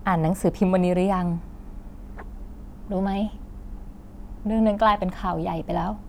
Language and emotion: Thai, frustrated